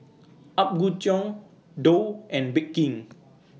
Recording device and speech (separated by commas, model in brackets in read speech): mobile phone (iPhone 6), read sentence